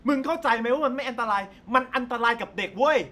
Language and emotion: Thai, angry